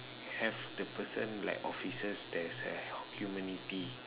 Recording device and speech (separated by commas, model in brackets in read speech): telephone, conversation in separate rooms